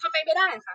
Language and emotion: Thai, angry